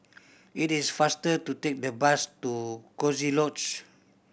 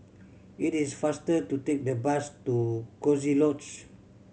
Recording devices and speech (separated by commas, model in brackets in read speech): boundary microphone (BM630), mobile phone (Samsung C7100), read sentence